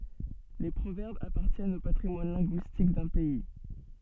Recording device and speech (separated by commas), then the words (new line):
soft in-ear microphone, read sentence
Les proverbes appartiennent au patrimoine linguistique d’un pays.